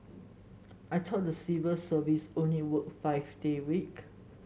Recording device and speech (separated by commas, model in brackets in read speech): mobile phone (Samsung S8), read sentence